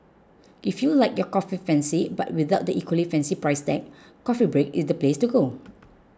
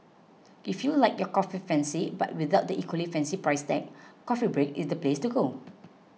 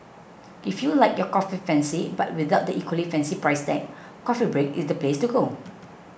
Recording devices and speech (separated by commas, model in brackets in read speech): close-talking microphone (WH20), mobile phone (iPhone 6), boundary microphone (BM630), read sentence